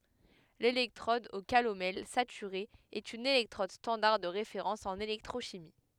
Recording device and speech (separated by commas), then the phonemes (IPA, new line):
headset microphone, read sentence
lelɛktʁɔd o kalomɛl satyʁe ɛt yn elɛktʁɔd stɑ̃daʁ də ʁefeʁɑ̃s ɑ̃n elɛktʁoʃimi